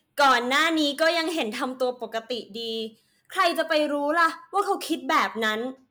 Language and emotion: Thai, angry